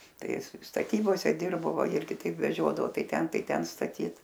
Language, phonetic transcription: Lithuanian, ˈtai ˈis staˈtybose ˈdirbo ˈva ˈirgi ˈtaip veˈžiodavo ˈtai ˈten ˈtai ˈten staˈtyt

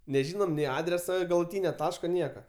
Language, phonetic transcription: Lithuanian, neˈžynom nei ˈadreso galuˈtynio ˈtaško ˈnieka

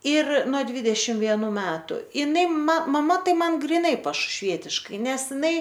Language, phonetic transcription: Lithuanian, ir no ˈdvydešimt vieˈnų ˈmetu iˈnai ma maˈma ˈtai ˈman griˈnai pašušˈvietiškai ˈnes ˈinai

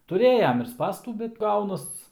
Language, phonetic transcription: Lithuanian, tuˈrėjam ir ˈspąstų bet ˈgaunas

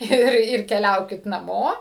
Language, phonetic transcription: Lithuanian, ˈir ˈir keˈliaukit naˈmo

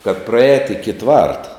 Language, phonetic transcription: Lithuanian, kad praˈēt iki ˈtvarta

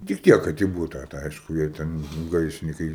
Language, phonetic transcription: Lithuanian, tik ˈtiek kad i ˈbūta tai ˈaišku jie ˈten nu ˈgaisrinikai

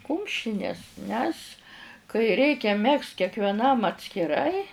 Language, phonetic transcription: Lithuanian, ˈkumšines nes kai ˈreikia ˈmegzt kekveˈnam atskiˈrai

